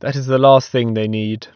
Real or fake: real